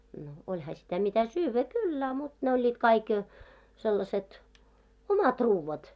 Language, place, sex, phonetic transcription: Finnish, Moloskovitsa, female, no 'oĺha sitä mitä 'syyvvä "kyll ‿a mut , ne 'oĺĺiit 'kaik , sellaset , "omat 'ruuvvat , kaik .
- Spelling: no olihan sitä mitä syödä kyllä a mutta ne olivat kaikki sellaiset omat ruuat kaikki

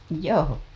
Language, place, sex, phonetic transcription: Finnish, Hailuoto, female, joo .
- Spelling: joo

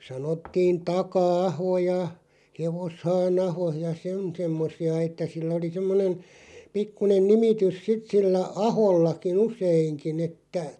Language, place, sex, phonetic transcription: Finnish, Loppi, male, 'sanottiin "Taka₍'aho ja , 'Hevoshaan"aho ja "sen , 'semmosi₍a et̆tä 'sillᵃ̈ oli 'semmonen , 'pikkunen "nimitys "sit 'sillä "ahollaki'ⁿ ‿useiŋkin ‿että ,.
- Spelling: sanottiin Taka-aho ja Hevoshaanaho ja sen semmoisia että sillä oli semmoinen pikkuinen nimitys sitten sillä ahollakin useinkin että

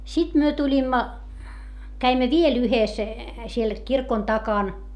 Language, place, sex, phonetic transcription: Finnish, Hietamäki, female, sit myö tuĺimma , käimmä viel ‿yhes , siel , kirkon takan .
- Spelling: sitten me tulimme kävimme vielä yhdessä siellä kirkon takana

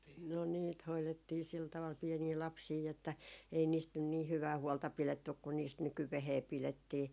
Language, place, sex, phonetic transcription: Finnish, Jaala, female, no 'niit hoilettii sil taval 'piɛnii 'lapsii että , ei niist nyn nii 'hyvää 'huolta 'pilettyk kun niist "nykyvehee 'pilettii .
- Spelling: no niitä hoidettiin sillä tavalla pieniä lapsia että ei niistä nyt niin hyvää huolta pidetty kuin niistä nykyään pidettiin

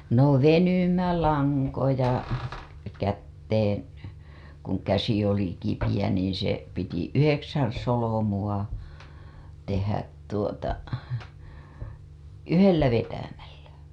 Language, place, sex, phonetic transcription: Finnish, Hailuoto, female, no 'venymälaŋkoja , kätteen̬ , kuŋ käsi oli kipijä niiḭ se , piti 'yheksän̬ solomu‿a , tehät tuota , "yhellä 'vetämällä .
- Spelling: no venymälankoja käteen kun käsi oli kipeä niin se piti yhdeksän solmua tehdä tuota yhdellä vetämällä

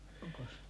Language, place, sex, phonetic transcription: Finnish, Paavola, female, 'oŋko ?
- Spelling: onko

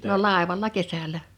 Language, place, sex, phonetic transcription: Finnish, Liperi, female, no 'làevalla "kesälä .
- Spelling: no laivalla kesällä

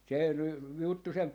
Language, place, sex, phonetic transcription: Finnish, Jaala, male, se ny , juttu sem ,.
- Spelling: se nyt juttu sen

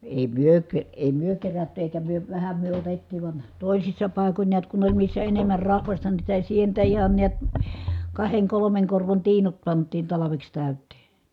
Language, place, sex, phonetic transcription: Finnish, Kitee, female, èi myö ke- , èi myö kerätty èikä myö , vähä myö otettì van , tòisissa pàekoń niät kun ‿oĺ missä enemmär rahvasta nii sitä sientä ihan̬ niät , kaheŋ kolomeŋ korvon tiinut pant̆tiin talaveks tä̀yt̀ee .
- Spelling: ei me - ei me kerätty eikä me vähän me otettiin vaan toisissa paikoin näet kun oli missä enemmän rahvasta niin sitä sientä ihan näet kahden kolmen korvon tiinut pantiin talveksi täyteen

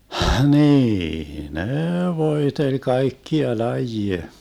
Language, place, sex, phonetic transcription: Finnish, Vermlanti, male, "hniii 'nee 'voeteĺ 'kaikkia 'lajie .
- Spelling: niin ne voiteli kaikkia lajeja

